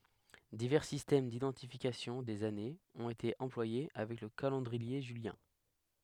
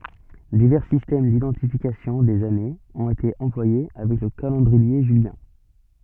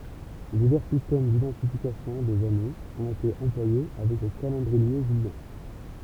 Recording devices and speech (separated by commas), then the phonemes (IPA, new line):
headset microphone, soft in-ear microphone, temple vibration pickup, read sentence
divɛʁ sistɛm didɑ̃tifikasjɔ̃ dez anez ɔ̃t ete ɑ̃plwaje avɛk lə kalɑ̃dʁie ʒyljɛ̃